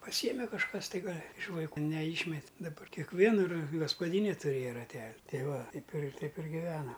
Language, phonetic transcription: Lithuanian, paˈsyjeme kažˈkas tai ˈgal' iš vaiˈkų neˈyšmet' daˈba kekˈviena ra gaspaˈdyne tuˈrėja raˈtel' ˈtei ˈva ˈteip ir ˈteip ir giˈvenam

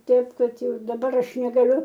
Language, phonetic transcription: Lithuanian, ˈteip ˈkad ˈjau daˈbar ˈaš negaˈliu

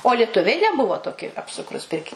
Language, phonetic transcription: Lithuanian, o lieˈtuviai neˈbuvo ˈtoki apˈsukrūs ˈpirki

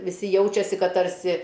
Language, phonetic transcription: Lithuanian, viˈsi ˈjaučiasi ˈkad tarˈsi

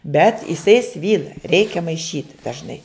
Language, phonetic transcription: Lithuanian, bet iˈsai ˈsvyla ˈreikia maiˈšyt dažˈnai

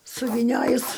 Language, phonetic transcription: Lithuanian, suvyˈniojus

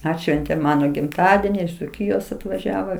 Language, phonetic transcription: Lithuanian, ˈatšventėm ˈmano gimˈtadeni iš dzuˈkyjos atvaˈžiavo

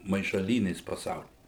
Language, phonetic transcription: Lithuanian, maišaˈlynės paˈsauly

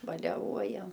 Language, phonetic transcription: Lithuanian, baleˈvuojam

